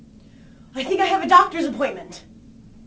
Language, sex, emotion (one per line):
English
female
fearful